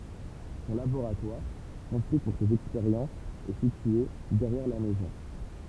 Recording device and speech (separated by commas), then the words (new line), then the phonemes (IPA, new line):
temple vibration pickup, read sentence
Son laboratoire, construit pour ses expériences est situé derrière la maison.
sɔ̃ laboʁatwaʁ kɔ̃stʁyi puʁ sez ɛkspeʁjɑ̃sz ɛ sitye dɛʁjɛʁ la mɛzɔ̃